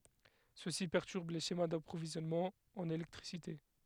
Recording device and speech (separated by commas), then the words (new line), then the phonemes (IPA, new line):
headset microphone, read sentence
Ceci perturbe les schémas d'approvisionnements en électricité.
səsi pɛʁtyʁb le ʃema dapʁovizjɔnmɑ̃z ɑ̃n elɛktʁisite